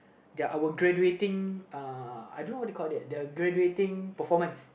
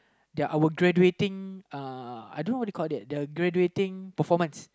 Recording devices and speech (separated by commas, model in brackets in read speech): boundary microphone, close-talking microphone, conversation in the same room